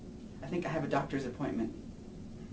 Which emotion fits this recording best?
neutral